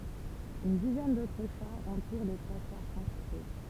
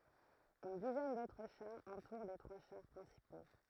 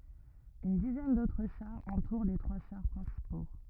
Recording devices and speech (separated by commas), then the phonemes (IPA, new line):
temple vibration pickup, throat microphone, rigid in-ear microphone, read sentence
yn dizɛn dotʁ ʃaʁz ɑ̃tuʁ le tʁwa ʃaʁ pʁɛ̃sipo